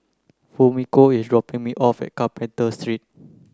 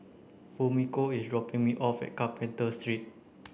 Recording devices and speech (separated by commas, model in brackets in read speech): close-talking microphone (WH30), boundary microphone (BM630), read sentence